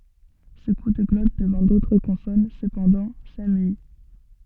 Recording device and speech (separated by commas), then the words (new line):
soft in-ear microphone, read sentence
Ce coup de glotte devant d'autres consonnes, cependant, s'amuït.